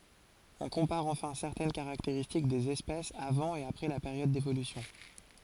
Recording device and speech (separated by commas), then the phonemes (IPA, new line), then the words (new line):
forehead accelerometer, read sentence
ɔ̃ kɔ̃paʁ ɑ̃fɛ̃ sɛʁtɛn kaʁakteʁistik dez ɛspɛsz avɑ̃ e apʁɛ la peʁjɔd devolysjɔ̃
On compare enfin certaines caractéristiques des espèces avant et après la période d'évolution.